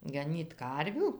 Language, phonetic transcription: Lithuanian, gaˈnyt ˈkarvių

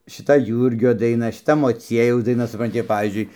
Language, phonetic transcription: Lithuanian, šiˈta ˈjūrgio daiˈna šiˈta moˈciejaus daiˈna supranˈti ir pavyzdžiui

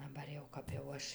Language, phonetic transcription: Lithuanian, daˈbar jau ˈkap jau ˈaš

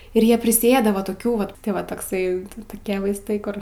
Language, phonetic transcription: Lithuanian, ir ˈjie prisiˈėda va toˈkių vat ˈva tokˈsai toˈkie vaisˈtai ˈkur

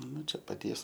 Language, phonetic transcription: Lithuanian, ˈnu ˈčia paˈties

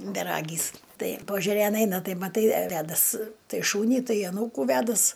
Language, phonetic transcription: Lithuanian, beˈragys ˈtai pažeˈrėn ˈeina ˈtai maˈtai ˈvedas ˈtai ˈšūnį ˈtai aˈnūkų ˈvedas

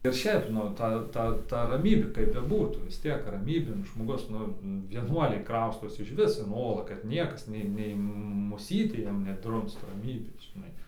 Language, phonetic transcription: Lithuanian, ir ˈšeip ˈnu ˈta ˈta ta raˈmybė kaip beˈbūtų vis ˈtiek raˈmybėn žmoˈgus ˈnu vieˈnuoliai ˈkraustosi išˈvis in ˈolą kad ˈniekas ˈnei ˈnei muˈsytė ˈjiem neˈdrumst raˈmybės žiˈnai

